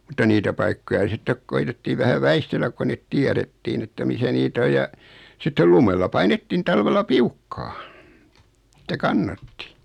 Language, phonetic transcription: Finnish, mutta 'niitä paikkoja 'sittek 'koitettii vähä 'väistelläk ko 'net "tiäðettiin ‿että misä nii't ‿oj ja , sittel 'lumella "painettin 'talvella "piukkaa , (et)tä "kannatti .
- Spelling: mutta niitä paikkoja sitten koetettiin vähän väistellä kun ne tiedettiin että missä niitä on ja sitten lumella painettiin talvella piukkaan että kannatti

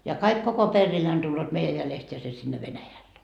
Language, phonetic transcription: Finnish, ja 'kaik koko 'perriineen tulloot 'meijä jälest ja se sinne 'Venäjälle .
- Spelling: ja kaikki koko perheineen tulevat meidän jäljestä ja se sinne Venäjälle

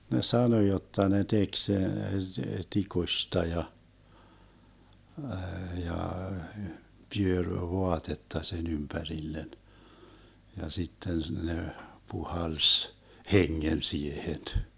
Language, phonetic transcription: Finnish, 'ne "sano 'jotta ne 'tek (sen) "tikusta ja , 'ja , 'pyöŕ "voatetta 'sen 'ympärillen , ja 'sitten 'ne , 'puhalś , "heŋŋen 'siehen .
- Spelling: ne sanoi jotta ne teki sen tikusta ja ja pyöri vaatetta sen ympärille ja sitten ne puhalsi hengen siihen

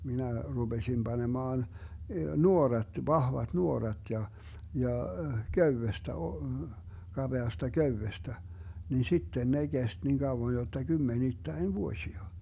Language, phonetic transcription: Finnish, 'minä , 'ruBesim 'Banemaan , "nuorat , "vahvat 'nuorat ja , ja , "köywestä o - , 'kaBeasta "köywestä , nin̬ 'sitten 'ne 'Gest niin 'Gauwon jotta 'Gymmenittäin "vuośia .
- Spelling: minä rupesin panemaan nuorat vahvat nuorat ja ja köydestä - kapeasta köydestä niin sitten ne kesti niin kauan jotta kymmenittäin vuosia

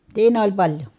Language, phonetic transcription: Finnish, siin ‿oĺ paĺjo .
- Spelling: siinä oli paljon

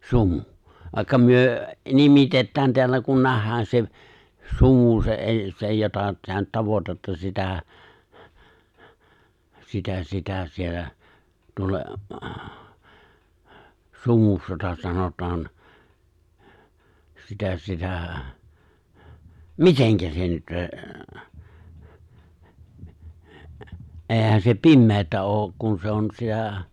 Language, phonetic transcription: Finnish, 'sumᴜ , vàikka 'myö , 'nimitettään teällä kun 'nähhään se , 'sumu se , '’èi se jota (sinä) nyt 'tavotatta sitä , 'sitä 'sitä 'siellä , 'tuolla , 'sumuks jota 'sanot̀aan , 'sitä 'sitä̀ , "miteŋkä se nyt ’əə , '’e̬e̬hän se "pimmeetä '’ook , kun 'se on sitä̀ ,
- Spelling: sumu vaikka me nimitetään täällä kun nähdään se sumu se ei se jota sinä nyt tavoitatte sitä sitä sitä siellä tuolla sumuksi jota sanotaan sitä sitä miten se nyt ei eihän se pimeää ole kun se on sitä

